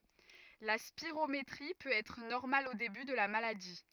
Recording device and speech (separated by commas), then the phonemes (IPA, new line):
rigid in-ear microphone, read sentence
la spiʁometʁi pøt ɛtʁ nɔʁmal o deby də la maladi